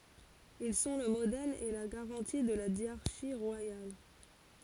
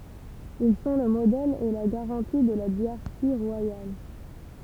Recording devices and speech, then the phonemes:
forehead accelerometer, temple vibration pickup, read sentence
il sɔ̃ lə modɛl e la ɡaʁɑ̃ti də la djaʁʃi ʁwajal

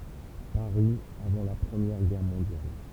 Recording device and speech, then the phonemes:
temple vibration pickup, read sentence
paʁi avɑ̃ la pʁəmjɛʁ ɡɛʁ mɔ̃djal

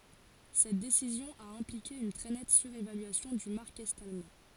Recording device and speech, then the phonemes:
forehead accelerometer, read sentence
sɛt desizjɔ̃ a ɛ̃plike yn tʁɛ nɛt syʁevalyasjɔ̃ dy maʁk ɛt almɑ̃

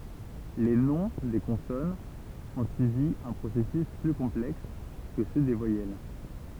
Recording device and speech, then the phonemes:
temple vibration pickup, read sentence
le nɔ̃ de kɔ̃sɔnz ɔ̃ syivi œ̃ pʁosɛsys ply kɔ̃plɛks kə sø de vwajɛl

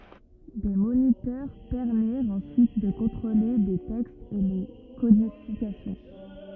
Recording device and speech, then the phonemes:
rigid in-ear microphone, read sentence
de monitœʁ pɛʁmiʁt ɑ̃syit də kɔ̃tʁole le tɛkstz e le kodifikasjɔ̃

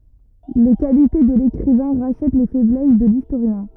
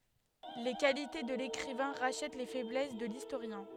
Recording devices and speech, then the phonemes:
rigid in-ear microphone, headset microphone, read sentence
le kalite də lekʁivɛ̃ ʁaʃɛt le fɛblɛs də listoʁjɛ̃

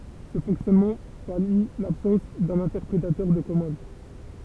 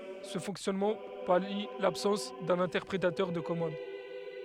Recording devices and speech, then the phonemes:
temple vibration pickup, headset microphone, read sentence
sə fɔ̃ksjɔnmɑ̃ pali labsɑ̃s dœ̃n ɛ̃tɛʁpʁetœʁ də kɔmɑ̃d

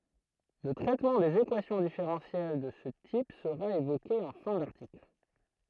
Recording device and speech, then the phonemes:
throat microphone, read sentence
lə tʁɛtmɑ̃ dez ekwasjɔ̃ difeʁɑ̃sjɛl də sə tip səʁa evoke ɑ̃ fɛ̃ daʁtikl

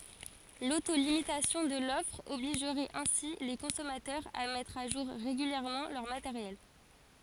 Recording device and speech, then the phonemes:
forehead accelerometer, read sentence
loto limitasjɔ̃ də lɔfʁ ɔbliʒʁɛt ɛ̃si le kɔ̃sɔmatœʁz a mɛtʁ a ʒuʁ ʁeɡyljɛʁmɑ̃ lœʁ mateʁjɛl

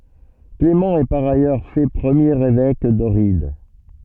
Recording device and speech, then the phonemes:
soft in-ear microphone, read sentence
klemɑ̃ ɛ paʁ ajœʁ fɛ pʁəmjeʁ evɛk dɔʁid

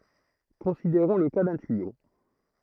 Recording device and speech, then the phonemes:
throat microphone, read sentence
kɔ̃sideʁɔ̃ lə ka dœ̃ tyijo

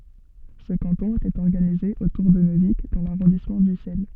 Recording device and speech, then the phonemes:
soft in-ear microphone, read sentence
sə kɑ̃tɔ̃ etɛt ɔʁɡanize otuʁ də nøvik dɑ̃ laʁɔ̃dismɑ̃ dysɛl

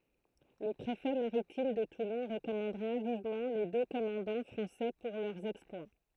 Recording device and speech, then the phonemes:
throat microphone, read sentence
lə pʁefɛ maʁitim də tulɔ̃ ʁəkɔmɑ̃dʁa vivmɑ̃ le dø kɔmɑ̃dɑ̃ fʁɑ̃sɛ puʁ lœʁ ɛksplwa

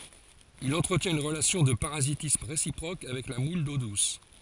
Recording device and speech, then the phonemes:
forehead accelerometer, read sentence
il ɑ̃tʁətjɛ̃t yn ʁəlasjɔ̃ də paʁazitism ʁesipʁok avɛk la mul do dus

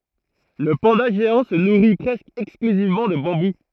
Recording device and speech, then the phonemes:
throat microphone, read sentence
lə pɑ̃da ʒeɑ̃ sə nuʁi pʁɛskə ɛksklyzivmɑ̃ də bɑ̃bu

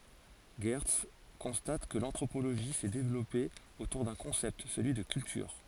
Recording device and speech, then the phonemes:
forehead accelerometer, read sentence
ʒɛʁts kɔ̃stat kə lɑ̃tʁopoloʒi sɛ devlɔpe otuʁ dœ̃ kɔ̃sɛpt səlyi də kyltyʁ

